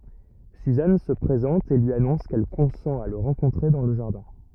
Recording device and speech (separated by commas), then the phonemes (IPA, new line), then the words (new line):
rigid in-ear microphone, read sentence
syzan sə pʁezɑ̃t e lyi anɔ̃s kɛl kɔ̃sɑ̃t a lə ʁɑ̃kɔ̃tʁe dɑ̃ lə ʒaʁdɛ̃
Suzanne se présente et lui annonce qu'elle consent à le rencontrer dans le jardin.